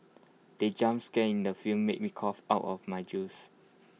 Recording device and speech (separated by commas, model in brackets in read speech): mobile phone (iPhone 6), read sentence